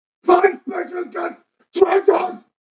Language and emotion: English, angry